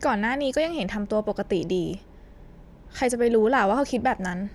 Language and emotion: Thai, neutral